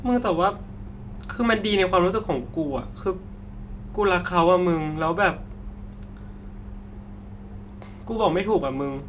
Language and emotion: Thai, sad